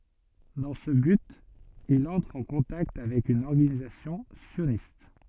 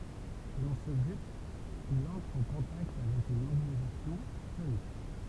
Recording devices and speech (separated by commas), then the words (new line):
soft in-ear microphone, temple vibration pickup, read sentence
Dans ce but, il entre en contact avec une organisation sioniste.